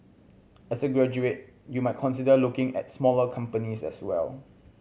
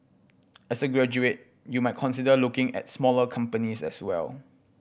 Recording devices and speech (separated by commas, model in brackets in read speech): mobile phone (Samsung C7100), boundary microphone (BM630), read sentence